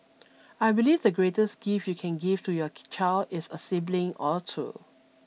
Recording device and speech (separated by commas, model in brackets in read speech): mobile phone (iPhone 6), read sentence